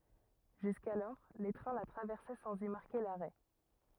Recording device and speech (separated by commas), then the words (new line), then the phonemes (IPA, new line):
rigid in-ear microphone, read sentence
Jusqu'alors, les trains la traversaient sans y marquer l'arrêt.
ʒyskalɔʁ le tʁɛ̃ la tʁavɛʁsɛ sɑ̃z i maʁke laʁɛ